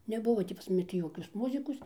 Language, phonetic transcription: Lithuanian, neˈbuvo tį pas maˈni tį ˈjokios ˈmuzikos

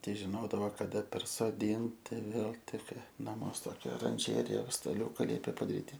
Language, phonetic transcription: Lithuanian, ˈtei žiˈnodavo kaˈda persoˈdinti ˈvėl ˈtikr naˈmuos ˈtokia oranˈžerija staˈliūka ˈliepė padaˈryti

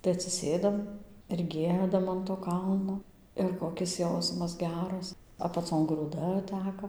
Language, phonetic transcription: Lithuanian, tai atsiˈsėdam ir ˈgiedam an to ˈkalno ir koˈkis ˈjausmas ˈgeras apaˈcon grūˈda ˈteka

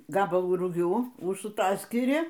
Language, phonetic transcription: Lithuanian, ˈgabalų ruˈgių užsuˈtaskiri

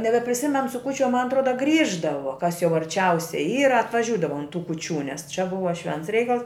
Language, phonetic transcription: Lithuanian, nebepriˈsimen su kų čia man atˈroda ˈgrįždavo kas jau arˈčiausiai ˈyra atvaˈžiūdava un tų kūˈčių nes čia ˈbuva ˈšvents ˈreikals

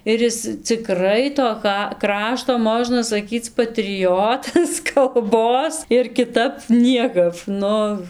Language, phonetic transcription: Lithuanian, ir ˈjis ciˈkrai to ˈka ˈkrašto ˈmožna saˈkyc patriˈjotas kalˈbos ir kiˈtap ˈniekap ˈnu

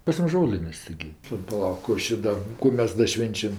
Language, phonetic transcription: Lithuanian, pas ˈmus ˈžolinės' tiˈgi paˈlauk ˈkų aš ˈda ˈkų mes ˈda ˈšvenčiam

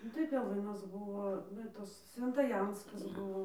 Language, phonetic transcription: Lithuanian, ˈnu tai peˈlɨnas ˈbuvo ˈva tas sventaˈjanskas ˈbuvo

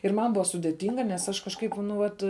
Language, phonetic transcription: Lithuanian, ir ˈman ˈbua sudėˈtinga nes ˈaš kažˈkaip nu ˈvat

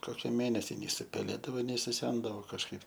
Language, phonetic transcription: Lithuanian, ˈkoki ˈmėnesi nei supeˈlėdavo nei suˈsendavo kažˈkaip

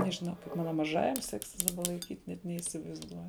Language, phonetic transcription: Lithuanian, nežiˈnau kaip ˈmana maˈžajam ˈseksis daˈba laiˈkyt' net neįsivaizˈduoju

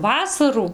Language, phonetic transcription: Lithuanian, ˈvasarų

